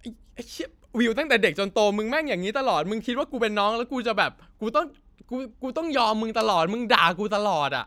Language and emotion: Thai, frustrated